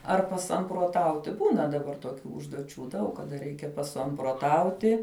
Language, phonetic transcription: Lithuanian, ar pasamproˈtauti ˈbūna daˈbar toˈkių užduoˈčių ˈdaug kaˈda ˈreikia pasamproˈtauti

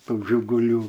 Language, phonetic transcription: Lithuanian, ˈtų žiguˈlių

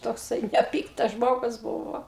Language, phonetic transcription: Lithuanian, tokˈsai neˈpyktas ˈžmogus ˈbūvo

